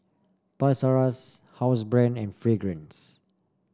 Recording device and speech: standing microphone (AKG C214), read sentence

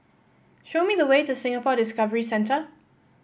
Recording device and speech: boundary microphone (BM630), read sentence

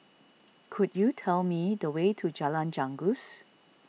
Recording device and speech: mobile phone (iPhone 6), read sentence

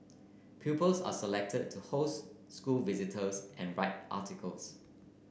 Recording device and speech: boundary microphone (BM630), read sentence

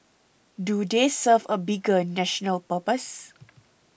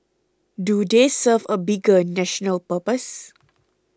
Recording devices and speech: boundary microphone (BM630), close-talking microphone (WH20), read sentence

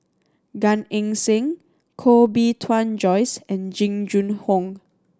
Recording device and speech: standing microphone (AKG C214), read sentence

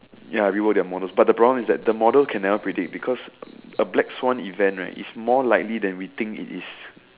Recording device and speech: telephone, conversation in separate rooms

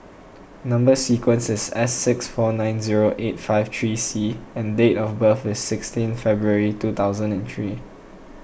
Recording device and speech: boundary microphone (BM630), read sentence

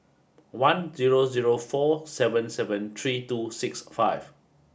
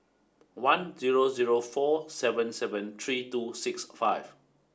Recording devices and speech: boundary microphone (BM630), standing microphone (AKG C214), read sentence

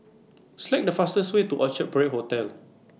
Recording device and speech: mobile phone (iPhone 6), read sentence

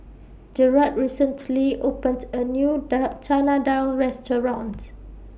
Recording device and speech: boundary microphone (BM630), read sentence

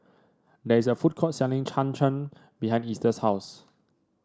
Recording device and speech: standing microphone (AKG C214), read sentence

